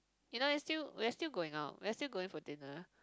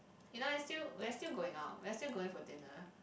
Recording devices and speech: close-talking microphone, boundary microphone, conversation in the same room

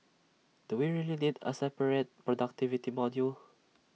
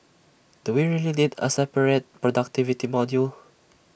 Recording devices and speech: mobile phone (iPhone 6), boundary microphone (BM630), read sentence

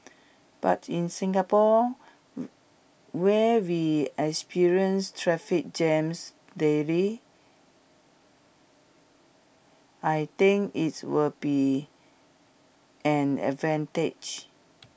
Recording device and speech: boundary microphone (BM630), read sentence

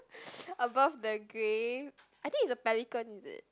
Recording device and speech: close-talking microphone, conversation in the same room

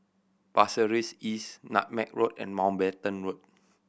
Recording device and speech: boundary microphone (BM630), read sentence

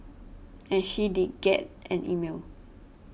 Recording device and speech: boundary microphone (BM630), read sentence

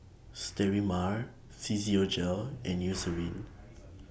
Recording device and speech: boundary microphone (BM630), read sentence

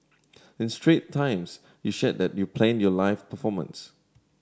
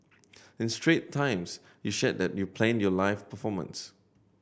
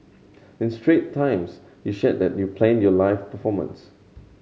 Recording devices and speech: standing microphone (AKG C214), boundary microphone (BM630), mobile phone (Samsung C7100), read sentence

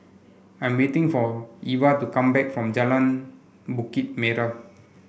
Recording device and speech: boundary microphone (BM630), read sentence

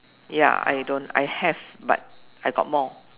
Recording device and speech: telephone, conversation in separate rooms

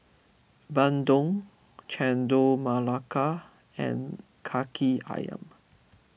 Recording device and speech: boundary microphone (BM630), read sentence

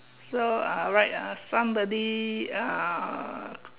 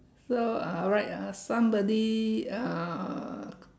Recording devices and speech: telephone, standing microphone, conversation in separate rooms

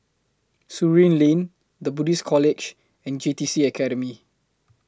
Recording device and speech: close-talking microphone (WH20), read sentence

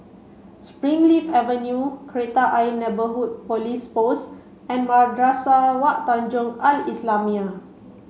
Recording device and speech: mobile phone (Samsung C5), read sentence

